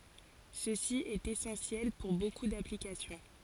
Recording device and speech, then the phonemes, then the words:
forehead accelerometer, read sentence
səsi ɛt esɑ̃sjɛl puʁ boku daplikasjɔ̃
Ceci est essentiel pour beaucoup d'applications.

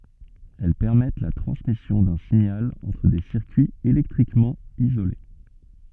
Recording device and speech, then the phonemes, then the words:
soft in-ear microphone, read sentence
ɛl pɛʁmɛt la tʁɑ̃smisjɔ̃ dœ̃ siɲal ɑ̃tʁ de siʁkyiz elɛktʁikmɑ̃ izole
Elles permettent la transmission d'un signal entre des circuits électriquement isolés.

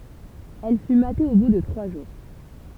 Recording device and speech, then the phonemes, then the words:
temple vibration pickup, read sentence
ɛl fy mate o bu də tʁwa ʒuʁ
Elle fut matée au bout de trois jours.

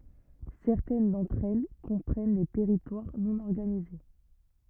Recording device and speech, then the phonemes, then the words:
rigid in-ear microphone, read sentence
sɛʁtɛn dɑ̃tʁ ɛl kɔ̃pʁɛn de tɛʁitwaʁ nɔ̃ ɔʁɡanize
Certaines d'entre elles comprennent des territoires non organisés.

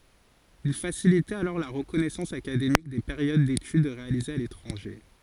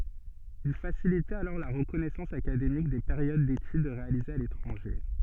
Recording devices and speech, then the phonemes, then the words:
forehead accelerometer, soft in-ear microphone, read sentence
il fasilitɛt alɔʁ la ʁəkɔnɛsɑ̃s akademik de peʁjod detyd ʁealizez a letʁɑ̃ʒe
Il facilitait alors la reconnaissance académique des périodes d'études réalisées à l'étranger.

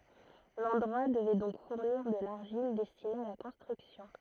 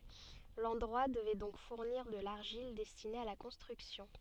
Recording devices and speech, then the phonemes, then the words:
throat microphone, soft in-ear microphone, read sentence
lɑ̃dʁwa dəvɛ dɔ̃k fuʁniʁ də laʁʒil dɛstine a la kɔ̃stʁyksjɔ̃
L'endroit devait donc fournir de l'argile destiné à la construction.

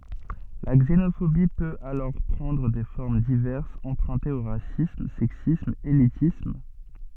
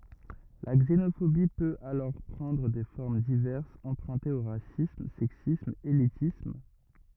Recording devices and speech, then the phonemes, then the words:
soft in-ear microphone, rigid in-ear microphone, read sentence
la ɡzenofobi pøt alɔʁ pʁɑ̃dʁ de fɔʁm divɛʁsz ɑ̃pʁœ̃tez o ʁasism sɛksism elitism
La xénophobie peut alors prendre des formes diverses empruntées au racisme, sexisme, élitisme...

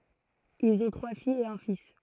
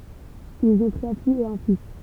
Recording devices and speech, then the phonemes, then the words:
throat microphone, temple vibration pickup, read sentence
ilz ɔ̃ tʁwa fijz e œ̃ fis
Ils ont trois filles et un fils.

